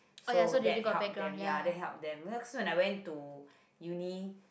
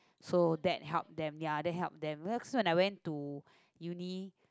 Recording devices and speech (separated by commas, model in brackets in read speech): boundary microphone, close-talking microphone, conversation in the same room